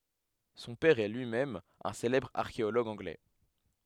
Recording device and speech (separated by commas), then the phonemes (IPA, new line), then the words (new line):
headset microphone, read sentence
sɔ̃ pɛʁ ɛ lyi mɛm œ̃ selɛbʁ aʁkeoloɡ ɑ̃ɡlɛ
Son père est lui-même un célèbre archéologue anglais.